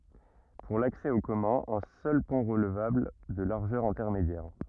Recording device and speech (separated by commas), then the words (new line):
rigid in-ear microphone, read sentence
Pour l'accès aux communs, un seul pont relevable, de largeur intermédiaire.